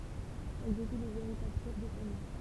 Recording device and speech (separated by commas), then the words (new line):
temple vibration pickup, read sentence
Elles étaient les véritables chefs de famille.